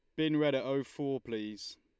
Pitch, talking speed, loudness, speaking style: 135 Hz, 225 wpm, -34 LUFS, Lombard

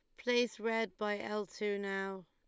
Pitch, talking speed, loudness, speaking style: 210 Hz, 175 wpm, -36 LUFS, Lombard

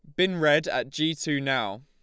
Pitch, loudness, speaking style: 150 Hz, -25 LUFS, Lombard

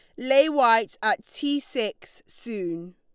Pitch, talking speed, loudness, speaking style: 245 Hz, 135 wpm, -24 LUFS, Lombard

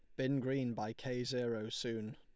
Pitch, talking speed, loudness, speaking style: 125 Hz, 185 wpm, -39 LUFS, Lombard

